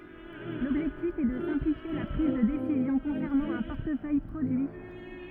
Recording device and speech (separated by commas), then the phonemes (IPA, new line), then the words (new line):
rigid in-ear microphone, read sentence
lɔbʒɛktif ɛ də sɛ̃plifje la pʁiz də desizjɔ̃ kɔ̃sɛʁnɑ̃ œ̃ pɔʁtəfœj pʁodyi
L'objectif est de simplifier la prise de décision concernant un portefeuille produit.